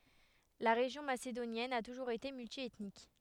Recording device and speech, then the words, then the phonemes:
headset microphone, read sentence
La région macédonienne a toujours été multiethnique.
la ʁeʒjɔ̃ masedonjɛn a tuʒuʁz ete myltjɛtnik

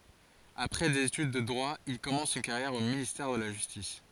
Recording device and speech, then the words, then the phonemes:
forehead accelerometer, read sentence
Après des études de droit, il commence une carrière au ministère de la justice.
apʁɛ dez etyd də dʁwa il kɔmɑ̃s yn kaʁjɛʁ o ministɛʁ də la ʒystis

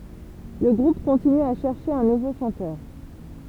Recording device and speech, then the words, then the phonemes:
temple vibration pickup, read sentence
Le groupe continue à chercher un nouveau chanteur.
lə ɡʁup kɔ̃tiny a ʃɛʁʃe œ̃ nuvo ʃɑ̃tœʁ

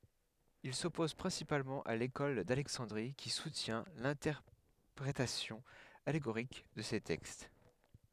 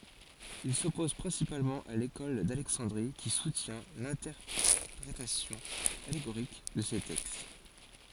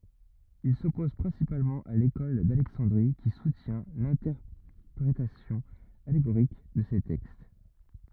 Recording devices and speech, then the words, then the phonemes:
headset microphone, forehead accelerometer, rigid in-ear microphone, read sentence
Ils s'opposent principalement à l'école d'Alexandrie qui soutient l'interprétation allégorique de ces textes.
il sɔpoz pʁɛ̃sipalmɑ̃ a lekɔl dalɛksɑ̃dʁi ki sutjɛ̃ lɛ̃tɛʁpʁetasjɔ̃ aleɡoʁik də se tɛkst

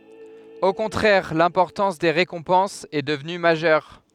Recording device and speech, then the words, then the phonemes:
headset microphone, read sentence
Au contraire, l'importance des récompenses est devenue majeure.
o kɔ̃tʁɛʁ lɛ̃pɔʁtɑ̃s de ʁekɔ̃pɑ̃sz ɛ dəvny maʒœʁ

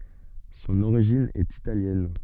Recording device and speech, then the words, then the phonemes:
soft in-ear microphone, read sentence
Son origine est italienne.
sɔ̃n oʁiʒin ɛt italjɛn

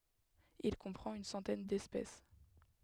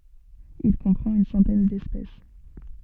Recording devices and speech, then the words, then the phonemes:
headset microphone, soft in-ear microphone, read sentence
Il comprend une centaine d'espèces.
il kɔ̃pʁɑ̃t yn sɑ̃tɛn dɛspɛs

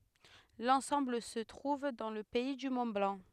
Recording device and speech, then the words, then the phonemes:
headset microphone, read sentence
L'ensemble se trouve dans le pays du Mont-Blanc.
lɑ̃sɑ̃bl sə tʁuv dɑ̃ lə pɛi dy mɔ̃tblɑ̃

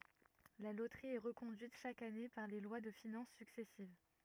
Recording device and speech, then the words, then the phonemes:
rigid in-ear microphone, read sentence
La Loterie est reconduite chaque année par les lois de finances successives.
la lotʁi ɛ ʁəkɔ̃dyit ʃak ane paʁ le lwa də finɑ̃s syksɛsiv

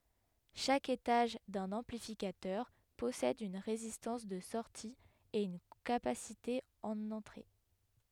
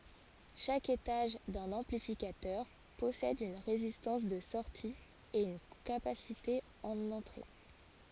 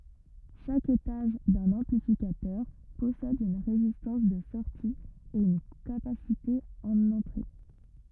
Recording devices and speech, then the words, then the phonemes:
headset microphone, forehead accelerometer, rigid in-ear microphone, read sentence
Chaque étage d'un amplificateur possède une résistance de sortie et une capacité en entrée.
ʃak etaʒ dœ̃n ɑ̃plifikatœʁ pɔsɛd yn ʁezistɑ̃s də sɔʁti e yn kapasite ɑ̃n ɑ̃tʁe

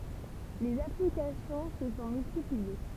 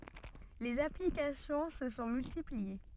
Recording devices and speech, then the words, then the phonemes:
temple vibration pickup, soft in-ear microphone, read sentence
Les applications se sont multipliées.
lez aplikasjɔ̃ sə sɔ̃ myltiplie

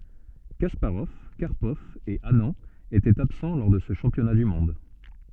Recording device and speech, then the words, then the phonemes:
soft in-ear microphone, read sentence
Kasparov, Karpov et Anand étaient absents lors de ce championnat du monde.
kaspaʁɔv kaʁpɔv e anɑ̃ etɛt absɑ̃ lɔʁ də sə ʃɑ̃pjɔna dy mɔ̃d

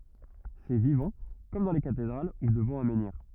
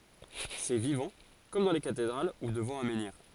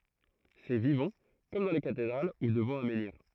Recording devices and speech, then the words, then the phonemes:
rigid in-ear microphone, forehead accelerometer, throat microphone, read sentence
C’est vivant, comme dans les cathédrales ou devant un menhir.
sɛ vivɑ̃ kɔm dɑ̃ le katedʁal u dəvɑ̃ œ̃ mɑ̃niʁ

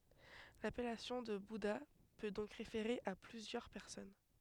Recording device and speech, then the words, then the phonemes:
headset microphone, read sentence
L'appellation de bouddha peut donc référer à plusieurs personnes.
lapɛlasjɔ̃ də buda pø dɔ̃k ʁefeʁe a plyzjœʁ pɛʁsɔn

